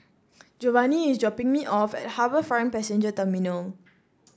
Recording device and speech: standing microphone (AKG C214), read sentence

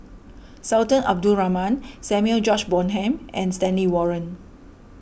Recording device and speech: boundary microphone (BM630), read sentence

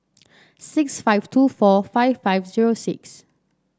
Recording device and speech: standing microphone (AKG C214), read sentence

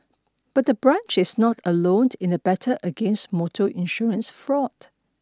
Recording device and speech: standing microphone (AKG C214), read sentence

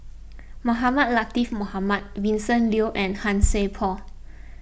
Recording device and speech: boundary microphone (BM630), read sentence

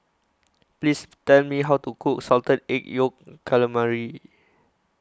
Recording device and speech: close-talking microphone (WH20), read sentence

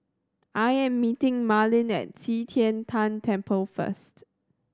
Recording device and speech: standing microphone (AKG C214), read sentence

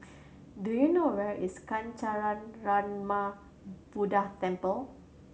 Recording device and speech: mobile phone (Samsung C7100), read sentence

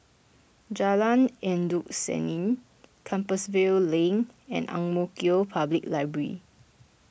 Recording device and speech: boundary microphone (BM630), read sentence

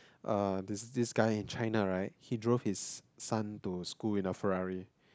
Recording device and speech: close-talking microphone, conversation in the same room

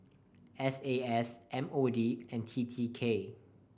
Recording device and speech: boundary microphone (BM630), read sentence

